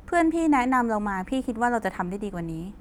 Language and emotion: Thai, neutral